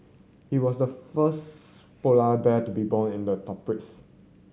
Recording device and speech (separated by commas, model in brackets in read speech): mobile phone (Samsung C7100), read sentence